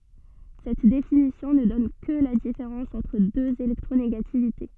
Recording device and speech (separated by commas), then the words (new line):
soft in-ear microphone, read sentence
Cette définition ne donne que la différence entre deux électronégativités.